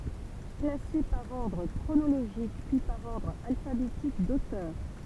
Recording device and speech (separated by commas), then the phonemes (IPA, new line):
temple vibration pickup, read sentence
klase paʁ ɔʁdʁ kʁonoloʒik pyi paʁ ɔʁdʁ alfabetik dotœʁ